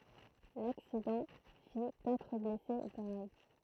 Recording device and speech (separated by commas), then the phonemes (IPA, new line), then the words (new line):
throat microphone, read sentence
laksidɑ̃ fi katʁ blɛse ɡʁav
L'accident fit quatre blessés graves.